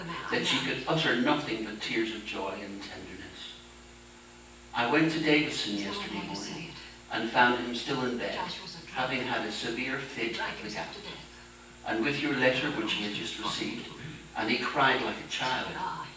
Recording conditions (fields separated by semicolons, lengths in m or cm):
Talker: one person; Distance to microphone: 9.8 m; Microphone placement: far; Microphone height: 1.8 m; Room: large; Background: television